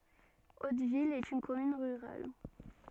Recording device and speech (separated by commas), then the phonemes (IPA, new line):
soft in-ear microphone, read sentence
otvil ɛt yn kɔmyn ʁyʁal